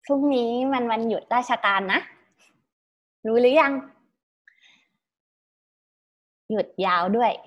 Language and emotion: Thai, happy